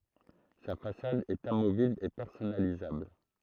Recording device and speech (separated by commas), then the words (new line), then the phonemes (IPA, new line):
throat microphone, read sentence
Sa façade est amovible et personnalisable.
sa fasad ɛt amovibl e pɛʁsɔnalizabl